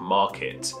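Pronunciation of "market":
'Market' is said in British English, and the r is barely pronounced, so the first syllable sounds like 'ma'.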